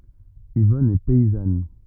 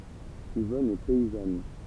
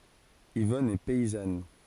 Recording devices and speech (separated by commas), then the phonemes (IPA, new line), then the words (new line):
rigid in-ear microphone, temple vibration pickup, forehead accelerometer, read sentence
ivɔn ɛ pɛizan
Yvonne est paysanne.